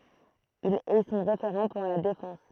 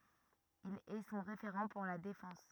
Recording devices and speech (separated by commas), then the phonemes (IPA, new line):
throat microphone, rigid in-ear microphone, read sentence
il ɛ sɔ̃ ʁefeʁɑ̃ puʁ la defɑ̃s